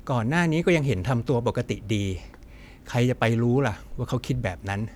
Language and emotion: Thai, neutral